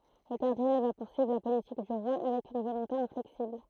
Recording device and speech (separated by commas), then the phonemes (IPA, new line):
throat microphone, read sentence
lə kaʁdinal va puʁsyivʁ la politik dy ʁwa avɛk yn volɔ̃te ɛ̃flɛksibl